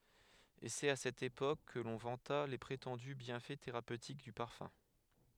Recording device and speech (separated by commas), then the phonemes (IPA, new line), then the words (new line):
headset microphone, read sentence
e sɛt a sɛt epok kə lɔ̃ vɑ̃ta le pʁetɑ̃dy bjɛ̃fɛ teʁapøtik dy paʁfœ̃
Et c’est à cette époque que l’on vanta les prétendus bienfaits thérapeutiques du parfum.